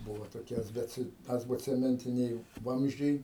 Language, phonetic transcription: Lithuanian, ˈbuvo toˈkias ˈbet ˌasbocemenˈtiniai ˈvamzdžiai

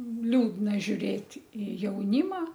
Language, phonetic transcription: Lithuanian, ˈliūdna žiuˈrėt' i jauˈnyma

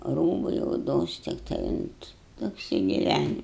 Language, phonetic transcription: Lithuanian, ˈrūbai oˈdos tikˈtai unt apsigiˈvæni

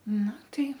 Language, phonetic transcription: Lithuanian, ˈnu ˈtai

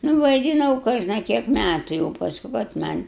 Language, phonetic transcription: Lithuanian, nu vaiˈdinau ˈkožna ˈkiek ˈmætu jau pasˈku kad ˈman'

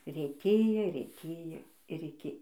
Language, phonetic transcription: Lithuanian, rėtˈėjo rėˈtėjo ir iˈki

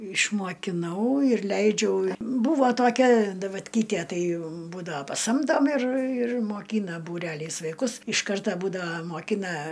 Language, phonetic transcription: Lithuanian, išmokiˈnau ir ˈleidžiau ˈbūvo toˈkia davatˈkytie ˈtai ˈbūdava paˈsamdom ir ir moˈkyna būˈreliais vaiˈkus iš ˈkarta ˈbūdava moˈkina

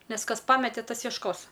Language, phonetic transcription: Lithuanian, ˈnes ˈkas ˈpamete ˈtas jiešˈkos

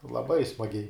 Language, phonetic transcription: Lithuanian, laˈbai smaˈgiai

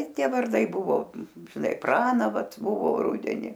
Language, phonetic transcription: Lithuanian, ˈtie varˈdai ˈbuvo žiˈnai ˈpraną ˈvat ˈbuvo ˈrudeni

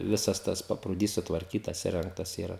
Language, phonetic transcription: Lithuanian, ˈvisas ˈtas paprūˈdys sutvarˈkytas iˈrengtas iˈra

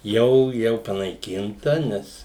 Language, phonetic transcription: Lithuanian, ˈjau ˈjau panaiˈkinta ˈnes

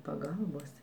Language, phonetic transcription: Lithuanian, paˈgalbos

